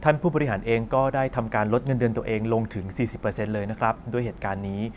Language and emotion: Thai, neutral